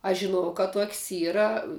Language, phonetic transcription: Lithuanian, aš žiˈnuojau ka ˈtok's' ˈyra

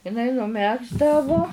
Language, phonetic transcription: Lithuanian, iˈnai nuˈmegzdavo

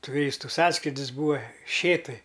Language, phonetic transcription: Lithuanian, tuˈrystu ˈsąskrydis ˈbūva ˈšėtuj

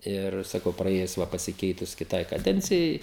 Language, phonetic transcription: Lithuanian, ˈir saˈkau praˈėjus ˈva pasiˈkeitus kiˈtai kaˈdencijai

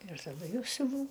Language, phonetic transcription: Lithuanian, ir taˈdu ˈjau siuˈvau

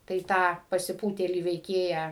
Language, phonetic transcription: Lithuanian, tai ˈtą pasiˈpūtėlį veiˈkėją

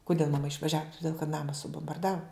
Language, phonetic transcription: Lithuanian, kuˈdėl maˈma išvaˈžiavu tuˈdėl kad ˈnama subombarˈdavu

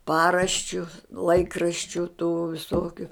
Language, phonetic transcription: Lithuanian, ˈparaščiu ˈlaikraščiu tų viˈsokiu

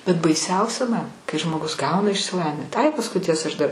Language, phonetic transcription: Lithuanian, bet baiˈsiausia man kai žmoˈgus ˈgauna išsiˈlavin ai pasˈkui ˈtiesa aš dar

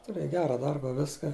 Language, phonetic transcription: Lithuanian, tuˈrėj ˈgera ˈdarba ˈviska

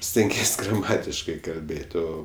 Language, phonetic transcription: Lithuanian, stenˈgies' graˈmatiškai kalˈbėt' ˈo

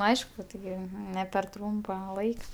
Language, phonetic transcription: Lithuanian, ˈaišku tiˈgi ne per ˈtrūmpa ˈlaika

